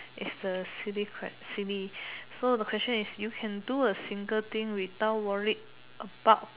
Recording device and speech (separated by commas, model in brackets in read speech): telephone, conversation in separate rooms